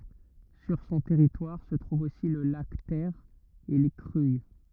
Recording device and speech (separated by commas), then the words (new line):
rigid in-ear microphone, read sentence
Sur son territoire se trouve aussi le lac Ter et les Cruilles.